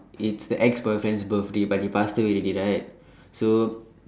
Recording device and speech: standing microphone, conversation in separate rooms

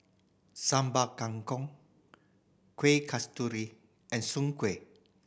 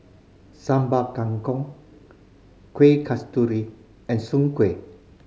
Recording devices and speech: boundary microphone (BM630), mobile phone (Samsung C5010), read sentence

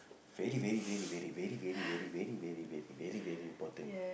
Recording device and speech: boundary microphone, conversation in the same room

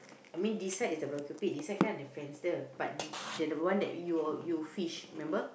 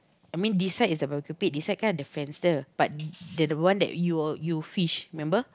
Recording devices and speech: boundary microphone, close-talking microphone, conversation in the same room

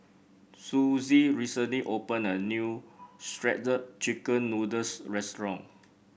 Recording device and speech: boundary microphone (BM630), read sentence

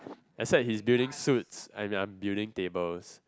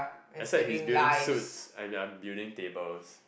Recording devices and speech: close-talking microphone, boundary microphone, conversation in the same room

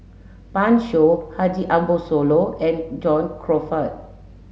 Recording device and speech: mobile phone (Samsung S8), read sentence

